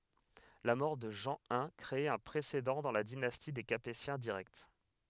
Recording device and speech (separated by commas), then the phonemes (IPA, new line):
headset microphone, read sentence
la mɔʁ də ʒɑ̃ i kʁe œ̃ pʁesedɑ̃ dɑ̃ la dinasti de kapetjɛ̃ diʁɛkt